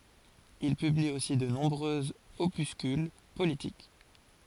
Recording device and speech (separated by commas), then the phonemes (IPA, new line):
forehead accelerometer, read sentence
il pybli osi də nɔ̃bʁøz opyskyl politik